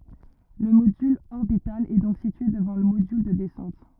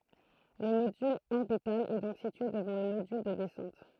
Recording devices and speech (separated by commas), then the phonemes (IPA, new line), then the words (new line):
rigid in-ear microphone, throat microphone, read sentence
lə modyl ɔʁbital ɛ dɔ̃k sitye dəvɑ̃ lə modyl də dɛsɑ̃t
Le module orbital est donc situé devant le module de descente.